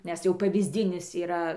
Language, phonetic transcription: Lithuanian, nes ˈjau pavyzˈdinis yˈra

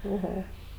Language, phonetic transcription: Lithuanian, oˈho

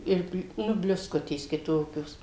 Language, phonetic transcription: Lithuanian, ˈir ˈnu bliusˈkutės kiˈtokios

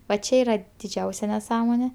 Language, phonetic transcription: Lithuanian, va ˈčia ˈyra diˈdžiausia neˈsąmonė

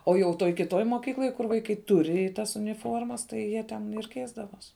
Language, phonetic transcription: Lithuanian, o jau ˈtoj kiˈtoj moˈkykloj kur vaiˈkai ˈturi ˈtas uniˈformas tai ˈjie ten ir ˈkeisdavos

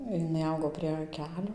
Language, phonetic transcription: Lithuanian, jiˈnai ˈaugo prie ˈkelio

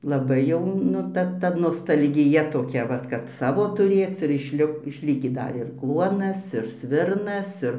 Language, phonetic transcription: Lithuanian, laˈbai jau ˈnu ˈta ˈta nostalgiˈja toˈkia ˈvat kad ˈsavo tuˈrėc ir išˈli išˈlikį ˈda ir ˈkluonas ir ˈsvirnas ˈir

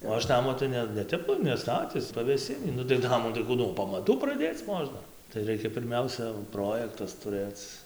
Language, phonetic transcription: Lithuanian, o ˈaš ˈnamo tai ˈne neˈtep neˈstatis pavėˈsinį nu tai ˈnamų tai ˈkų nuo pamaˈtų praˈdėc ˈmožna tai ˈraikia pirˈmiausia ˈprojektas tuˈrɘc

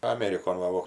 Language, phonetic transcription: Lithuanian, aˈmerikon ˈva vo

